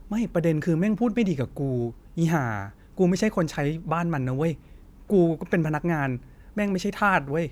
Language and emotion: Thai, frustrated